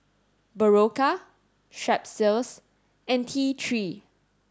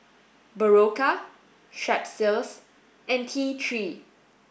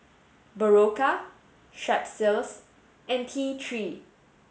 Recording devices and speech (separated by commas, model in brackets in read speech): standing microphone (AKG C214), boundary microphone (BM630), mobile phone (Samsung S8), read sentence